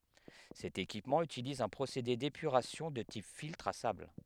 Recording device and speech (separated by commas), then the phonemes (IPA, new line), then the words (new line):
headset microphone, read sentence
sɛt ekipmɑ̃ ytiliz œ̃ pʁosede depyʁasjɔ̃ də tip filtʁ a sabl
Cet équipement utilise un procédé d'épuration de type filtre à sable.